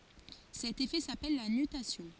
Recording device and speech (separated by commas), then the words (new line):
forehead accelerometer, read sentence
Cet effet s'appelle la nutation.